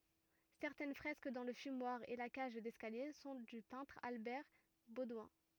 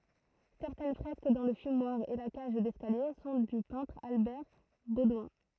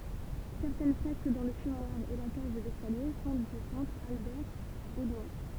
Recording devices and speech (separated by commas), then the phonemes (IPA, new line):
rigid in-ear microphone, throat microphone, temple vibration pickup, read sentence
sɛʁtɛn fʁɛsk dɑ̃ lə fymwaʁ e la kaʒ dɛskalje sɔ̃ dy pɛ̃tʁ albɛʁ bodwɛ̃